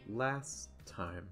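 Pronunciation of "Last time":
'Last time' is said more slowly here. The t at the end of 'last' and the t at the start of 'time' combine, so only one t sound is pronounced, and it is held a little longer.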